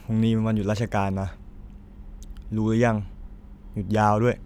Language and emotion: Thai, frustrated